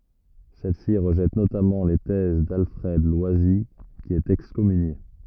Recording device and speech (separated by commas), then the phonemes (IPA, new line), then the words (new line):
rigid in-ear microphone, read sentence
sɛl si ʁəʒɛt notamɑ̃ le tɛz dalfʁɛd lwazi ki ɛt ɛkskɔmynje
Celle-ci rejette notamment les thèses d'Alfred Loisy qui est excommunié.